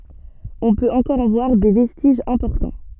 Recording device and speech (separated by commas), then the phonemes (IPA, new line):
soft in-ear microphone, read sentence
ɔ̃ pøt ɑ̃kɔʁ ɑ̃ vwaʁ de vɛstiʒz ɛ̃pɔʁtɑ̃